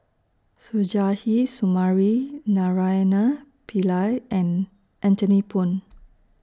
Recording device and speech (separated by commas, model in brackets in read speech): standing microphone (AKG C214), read sentence